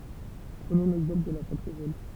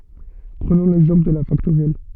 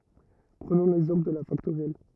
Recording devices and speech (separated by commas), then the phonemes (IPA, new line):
temple vibration pickup, soft in-ear microphone, rigid in-ear microphone, read sentence
pʁənɔ̃ lɛɡzɑ̃pl də la faktoʁjɛl